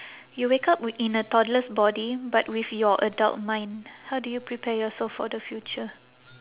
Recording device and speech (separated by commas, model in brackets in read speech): telephone, conversation in separate rooms